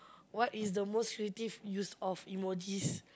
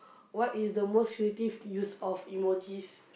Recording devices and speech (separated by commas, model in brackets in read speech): close-talking microphone, boundary microphone, conversation in the same room